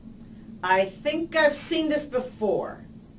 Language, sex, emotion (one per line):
English
female
neutral